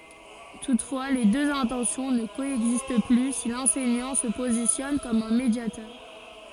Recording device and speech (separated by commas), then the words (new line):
forehead accelerometer, read sentence
Toutefois, les deux intentions ne coexistent plus si l'enseignant se positionne comme un médiateur.